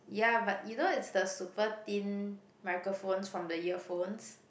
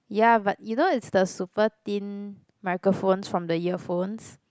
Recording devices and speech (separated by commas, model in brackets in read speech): boundary microphone, close-talking microphone, conversation in the same room